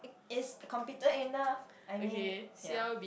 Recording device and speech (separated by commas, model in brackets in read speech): boundary microphone, conversation in the same room